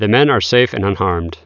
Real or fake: real